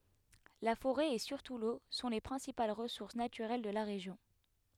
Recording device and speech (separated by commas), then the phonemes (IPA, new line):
headset microphone, read sentence
la foʁɛ e syʁtu lo sɔ̃ le pʁɛ̃sipal ʁəsuʁs natyʁɛl də la ʁeʒjɔ̃